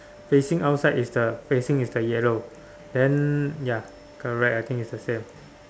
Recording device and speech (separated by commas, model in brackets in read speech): standing microphone, conversation in separate rooms